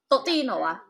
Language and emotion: Thai, neutral